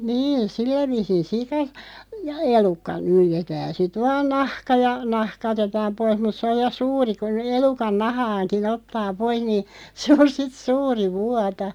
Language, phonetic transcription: Finnish, 'niin̬ , "sillä 'vi̳§sin̬ "sika , ja 'elukka , 'nyljetään̬ sit "vaan 'nahka ja , "nahka otetaam 'pois mut 'sᵉ oj ja "suuri kun , 'elukan "nahaaŋki'n ‿ottaa 'poiʰ nii , 'se on sit "suuri 'vuata .
- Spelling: niin sillä viisiin sika ja elukka nyljetään sitten vain nahka ja nahka otetaan pois mutta se on ja suuri kun elukan nahankin ottaa pois niin se on sitten suuri vuota

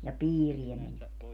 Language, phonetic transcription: Finnish, ja "piiriɛ men(vätte) .
- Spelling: ja piiriä menivät

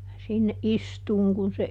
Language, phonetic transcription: Finnish, ja sinne "ʼistuuŋ kun se ,.
- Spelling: ja sinne istumaan kun se

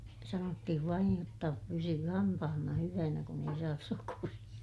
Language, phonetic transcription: Finnish, sanottihiv vaij jotta , pysyy hampahanna hyvänä kun ‿ei saas sokuriʲa .
- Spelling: sanottiin vain jotta pysyy hampaanne hyvänä kun ei saa sokeria

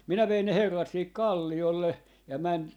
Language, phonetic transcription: Finnish, 'minä 'vein ne 'herrat sihik "kàlli₍olle , ja 'män ,.
- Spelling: minä vein ne herrat siihen kalliolle ja meni

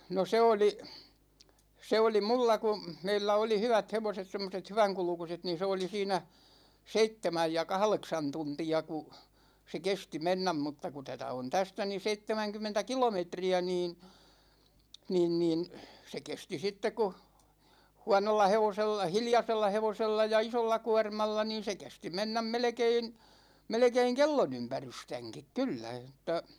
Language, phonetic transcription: Finnish, no 'se oli , 'se oli "mulla ku̬ , 'meillä 'oli 'hyvät 'hevoset , 'semmoset 'hyväŋkulᵘkuset niin̬ 'se oli siinä , "seittemäj ja "kahleksan 'tunti₍a ku , se "kesti 'mennäm mutta ku 'tätä on "tästä ni "seittemäŋkym̆mentä "kilometri₍ä niin , 'niin niin , 'se 'kesti 'sitteᵏ , ku "huanolla 'hevosel(la) , "hiljasella 'hevosella ja "isolla 'kuarmalla niin̬ se 'kesti 'mennäm "melᵉkein , 'melᵉkeiŋ "kellonympärystäŋkik 'kyllä (j)otta .
- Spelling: no se oli se oli minulla kun meillä oli hyvät hevoset semmoiset hyvänkulkuiset niin se oli siinä seitsemän ja kahdeksan tuntia kun se kesti mennä mutta kun tätä on tästä niin seitsemänkymmentä kilometriä niin niin niin se kesti sitten kun huonolla hevosella hiljaisella hevosella ja isolla kuormalla niin se kesti mennä melkein melkein kellonympärystänkin kyllä jotta

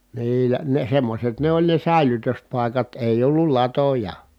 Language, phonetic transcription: Finnish, niilä , ne semmoset ne ‿oĺ ne sä̀elytöspài̮kat èij ‿ollul latoja .
- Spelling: niillä ne semmoiset ne oli ne säilytyspaikat ei ollut latoja

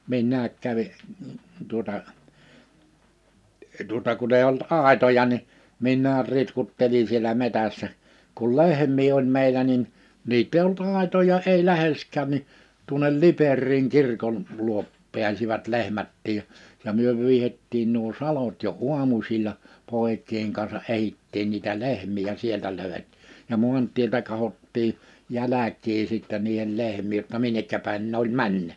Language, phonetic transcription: Finnish, 'minnääk kävi , tuᵒta , tuᵒta kun ‿eiʲ ‿olt 'àetoja ni , 'min̆näär 'ritkuttelin̬ sielä 'metässä , kul "lehm̀ii oĺ "meilä nin , "niit̆t ‿eiʲ ‿olt 'àetoja ei 'lähesk̆kään ni , tuonel "Liperriiŋ 'kirkon , 'luop 'pi̬äsivät 'lehmättiij ja , ja 'myö 'vyihettiin nuo "salot jo "uamusil̀a , 'pòek̆kiiheŋ kansa '’ehittiin niitä 'lehm̀ii ja 'sieltä 'lö̀ywet- , ja 'mu̬ant̀ieltä kahottii , 'jäläk̀ii sittɛ niihel 'lehm̀iij jotta 'minnekkä pä̀in n ‿oĺ "männä .
- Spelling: minä kävin tuota tuota kun ei ollut aitoja niin minä ritkuttelin siellä metsässä kun lehmiä oli meillä niin niitä ei ollut aitoja ei läheskään niin tuonne Liperiin kirkon luo pääsivät lehmätkin ja ja me vyyhdettiin nuo salot jo aamusilla poikien kanssa etsittiin niitä lehmiä ja sieltä - ja maantieltä katsottiin jälkiä sitten niiden lehmien jotta minne päin ne oli mennyt

